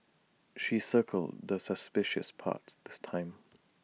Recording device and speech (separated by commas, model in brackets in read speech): mobile phone (iPhone 6), read sentence